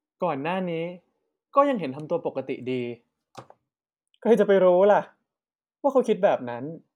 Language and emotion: Thai, frustrated